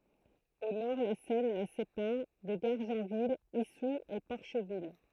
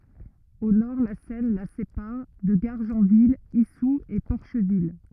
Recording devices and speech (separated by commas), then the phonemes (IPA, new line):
throat microphone, rigid in-ear microphone, read sentence
o nɔʁ la sɛn la sepaʁ də ɡaʁʒɑ̃vil isu e pɔʁʃvil